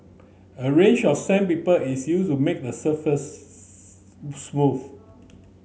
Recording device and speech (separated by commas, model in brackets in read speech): mobile phone (Samsung C9), read sentence